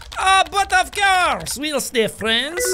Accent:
French accent